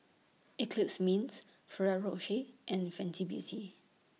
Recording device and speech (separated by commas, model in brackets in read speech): mobile phone (iPhone 6), read sentence